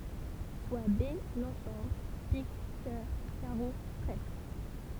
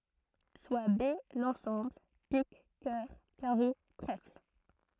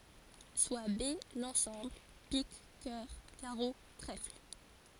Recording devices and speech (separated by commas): temple vibration pickup, throat microphone, forehead accelerometer, read sentence